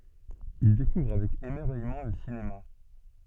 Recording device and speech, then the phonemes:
soft in-ear microphone, read sentence
il dekuvʁ avɛk emɛʁvɛjmɑ̃ lə sinema

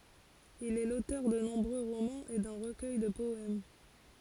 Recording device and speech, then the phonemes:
forehead accelerometer, read sentence
il ɛ lotœʁ də nɔ̃bʁø ʁomɑ̃z e dœ̃ ʁəkœj də pɔɛm

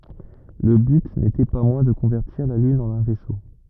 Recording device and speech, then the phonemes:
rigid in-ear microphone, read sentence
lə byt netɛ pa mwɛ̃ də kɔ̃vɛʁtiʁ la lyn ɑ̃n œ̃ vɛso

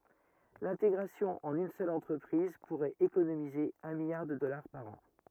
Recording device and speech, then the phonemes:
rigid in-ear microphone, read sentence
lɛ̃teɡʁasjɔ̃ ɑ̃n yn sœl ɑ̃tʁəpʁiz puʁɛt ekonomize œ̃ miljaʁ də dɔlaʁ paʁ ɑ̃

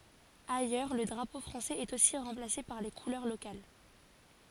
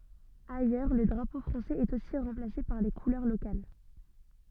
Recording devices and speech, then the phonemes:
forehead accelerometer, soft in-ear microphone, read sentence
ajœʁ lə dʁapo fʁɑ̃sɛz ɛt osi ʁɑ̃plase paʁ le kulœʁ lokal

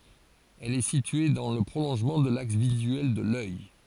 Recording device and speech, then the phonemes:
forehead accelerometer, read sentence
ɛl ɛ sitye dɑ̃ lə pʁolɔ̃ʒmɑ̃ də laks vizyɛl də lœj

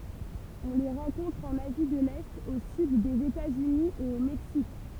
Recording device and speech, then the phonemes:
temple vibration pickup, read sentence
ɔ̃ le ʁɑ̃kɔ̃tʁ ɑ̃n azi də lɛt o syd dez etatsyni e o mɛksik

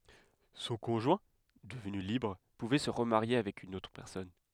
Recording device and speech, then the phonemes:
headset microphone, read sentence
sɔ̃ kɔ̃ʒwɛ̃ dəvny libʁ puvɛ sə ʁəmaʁje avɛk yn otʁ pɛʁsɔn

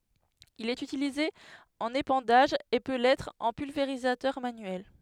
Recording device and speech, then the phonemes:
headset microphone, read sentence
il ɛt ytilize ɑ̃n epɑ̃daʒ e pø lɛtʁ ɑ̃ pylveʁizatœʁ manyɛl

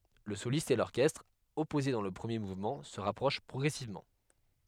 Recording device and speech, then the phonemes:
headset microphone, read sentence
lə solist e lɔʁkɛstʁ ɔpoze dɑ̃ lə pʁəmje muvmɑ̃ sə ʁapʁoʃ pʁɔɡʁɛsivmɑ̃

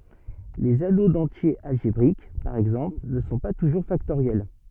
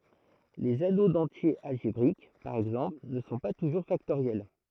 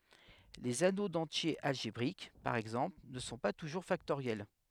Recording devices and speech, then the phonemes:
soft in-ear microphone, throat microphone, headset microphone, read sentence
lez ano dɑ̃tjez alʒebʁik paʁ ɛɡzɑ̃pl nə sɔ̃ pa tuʒuʁ faktoʁjɛl

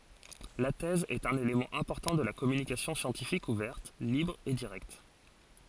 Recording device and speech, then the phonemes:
forehead accelerometer, read sentence
la tɛz ɛt œ̃n elemɑ̃ ɛ̃pɔʁtɑ̃ də la kɔmynikasjɔ̃ sjɑ̃tifik uvɛʁt libʁ e diʁɛkt

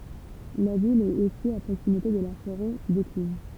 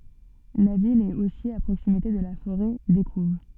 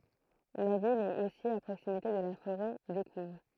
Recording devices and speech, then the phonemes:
temple vibration pickup, soft in-ear microphone, throat microphone, read sentence
la vil ɛt osi a pʁoksimite də la foʁɛ dekuv

